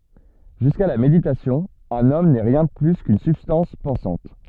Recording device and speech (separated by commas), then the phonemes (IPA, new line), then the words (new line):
soft in-ear microphone, read sentence
ʒyska la meditasjɔ̃ œ̃n ɔm nɛ ʁjɛ̃ də ply kyn sybstɑ̃s pɑ̃sɑ̃t
Jusqu'à la méditation, un homme n'est rien de plus qu'une substance pensante.